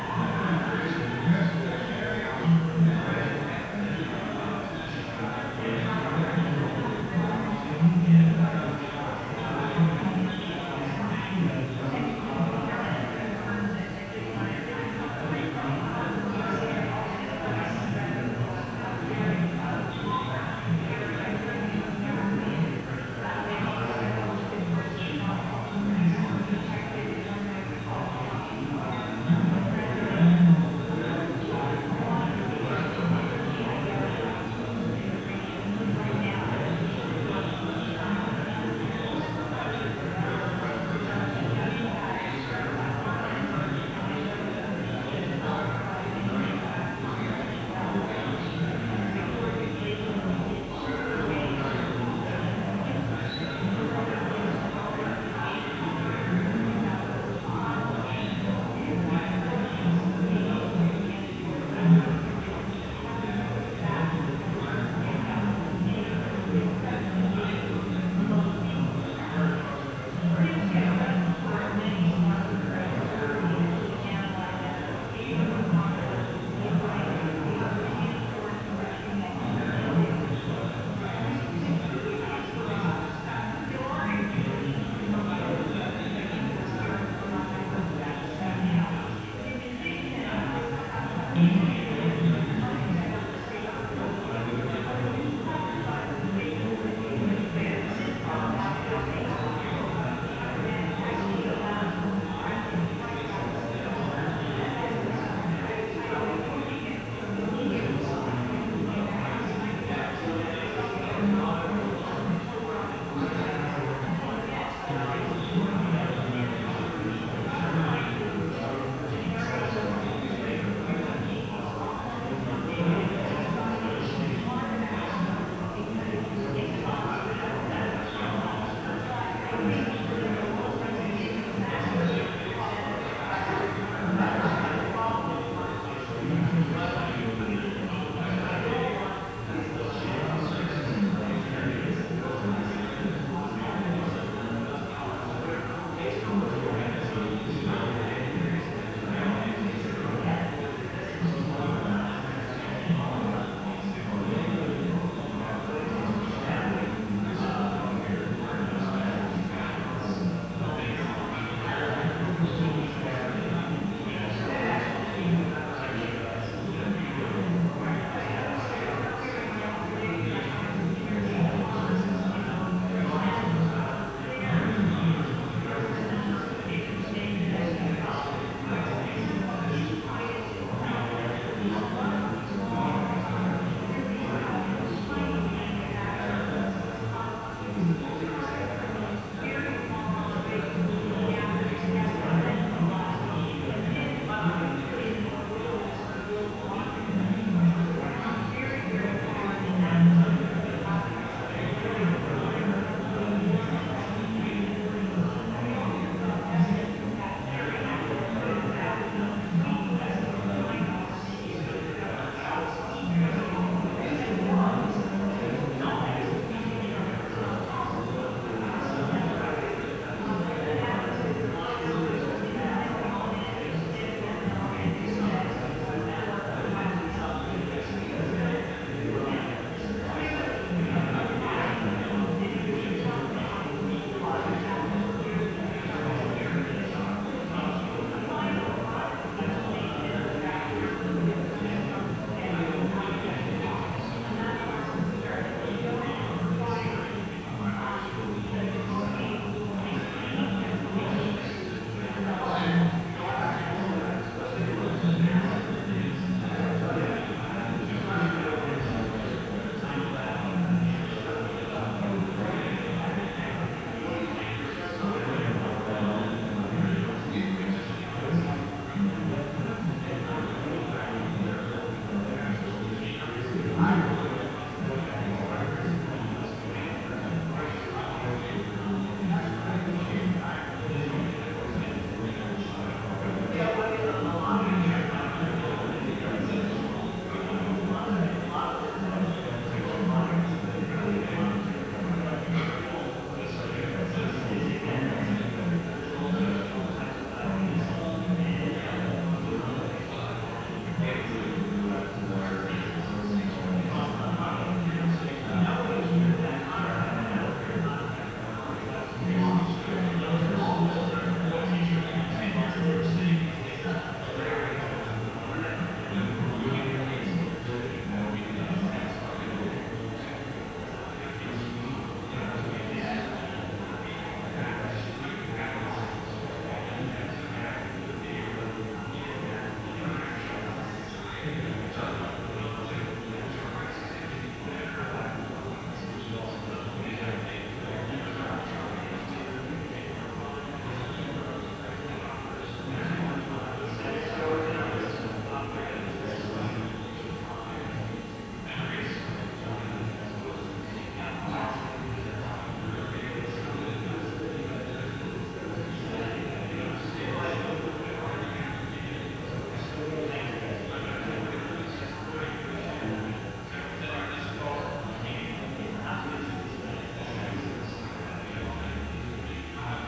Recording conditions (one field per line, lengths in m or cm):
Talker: no one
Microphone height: 1.0 m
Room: very reverberant, large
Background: babble